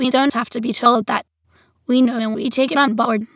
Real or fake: fake